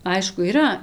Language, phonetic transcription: Lithuanian, ˈaišku yˈra

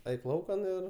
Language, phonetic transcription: Lithuanian, ˈaik ˈlaukan ir

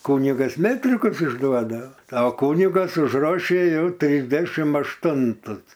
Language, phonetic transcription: Lithuanian, ˈkunigas ˈmetrikus išˈduodao a ˈkunigas užrˈošė ˈjauˈtrisdešim ašˈtuntus

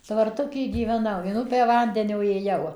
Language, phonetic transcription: Lithuanian, tvarˈtuky gyveˈnau in ˈupę ˈvandenio ėˈjau

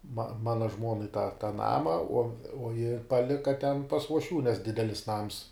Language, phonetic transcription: Lithuanian, ma ˈmana ˈžmuonai ta tą ˈnama uo uo ji paˈlika ten pas uošˈvių nes ˈdidelis nams

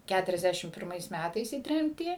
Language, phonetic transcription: Lithuanian, ˌkæturiasˈdæšim pirˈmais ˈmætais į ˈtremtį

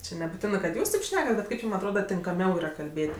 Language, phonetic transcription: Lithuanian, ˈči nebuˈtinɜ kad ˈjūs taip ˈšnekat bet ˈkaip ˈjūm atˈroda tinkaˈmiau yˈra kalˈbėt'

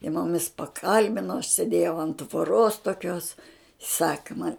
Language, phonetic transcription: Lithuanian, jie muˈmis paˈkalbino aš sėˈdėjau ant tvoˈros toˈkios ˈsaka man'

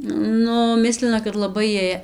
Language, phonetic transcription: Lithuanian, ˈnu ˈmislina kad laˈbai ˈjiej

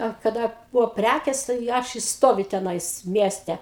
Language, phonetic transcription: Lithuanian, a kaˈda ˈbuvo ˈprækės tai ˈaš i ˈstoviu teˈnais ˈmieste

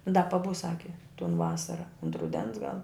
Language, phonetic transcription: Lithuanian, da paˈbus ˈsaki ton ˈvasara unt ruˈdens gal

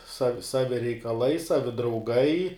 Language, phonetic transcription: Lithuanian, sav ˈsavi reikaˈlai ˈsavi drauˈgai

